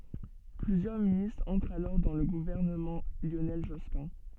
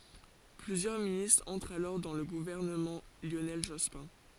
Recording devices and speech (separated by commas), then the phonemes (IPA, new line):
soft in-ear microphone, forehead accelerometer, read sentence
plyzjœʁ ministʁz ɑ̃tʁt alɔʁ dɑ̃ lə ɡuvɛʁnəmɑ̃ ljonɛl ʒɔspɛ̃